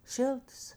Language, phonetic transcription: Lithuanian, ˈšiltas

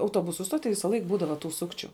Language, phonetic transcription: Lithuanian, auˈtuobusu ˈstoˌty ˈvisalaik ˈbūdava tų ˈsukčiu

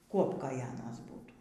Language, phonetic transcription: Lithuanian, ˈkuopkoj ˈanas ˈbūtų

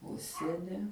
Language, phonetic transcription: Lithuanian, ˈužsieni

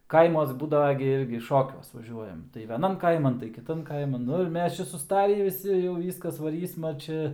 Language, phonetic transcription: Lithuanian, ˈkaimuos ˈbūdava gi ˈirgi ˈšokiuos vaˈžiuojam tai veˈnam ˈkaiman tai kiˈtan ˈkaiman ˈnu ir ˈmes ˈčia suˈstarį viˈsi jau ˈvyskas vaˈrysma ˈčia

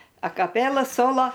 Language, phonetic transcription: Lithuanian, akaˈpėla ˈsolo

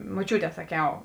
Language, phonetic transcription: Lithuanian, moˈčiūˌtē saˈkiau

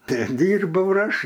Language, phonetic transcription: Lithuanian, ˈte ˈdyrbau ir ˈaš

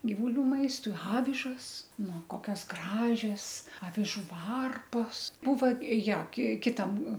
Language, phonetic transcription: Lithuanian, givuˈlių ˈmaistui ˈavižas nu ˈkokias ˈgražias aviˈžų ˈvarpos ˈbūva ˈjo ki kiˈtam

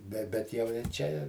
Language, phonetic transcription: Lithuanian, be ˈbet jau ir ˈčia i

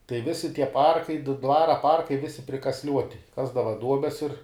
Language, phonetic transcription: Lithuanian, tai ˈvisi tie ˈparkai ˈdvara ˈparkai ˈvisi prikasˈliuoti ˈkasdava ˈduobes ir

